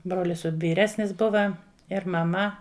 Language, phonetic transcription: Lithuanian, ˈbrolis vyˈresnis ˈbuva ir maˈma

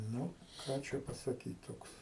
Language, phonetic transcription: Lithuanian, ˈnu ˈką čia pasaˈkyt ˈtoks

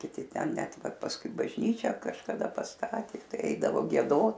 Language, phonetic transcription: Lithuanian, kiˈti ˈten ˈnet ˈva pasˈkui bažˈnyčią kažkaˈda pasˈtatė ˈtai ˈeidavo gieˈdot

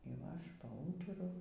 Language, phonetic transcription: Lithuanian, y ˈva ˈaš paˈūturu

